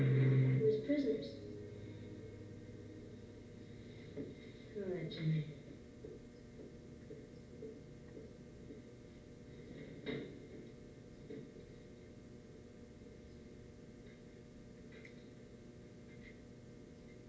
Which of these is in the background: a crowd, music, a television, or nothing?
A television.